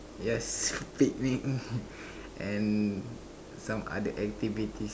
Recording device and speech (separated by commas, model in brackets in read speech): standing microphone, conversation in separate rooms